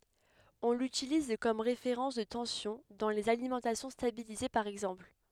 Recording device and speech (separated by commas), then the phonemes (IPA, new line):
headset microphone, read sentence
ɔ̃ lytiliz kɔm ʁefeʁɑ̃s də tɑ̃sjɔ̃ dɑ̃ lez alimɑ̃tasjɔ̃ stabilize paʁ ɛɡzɑ̃pl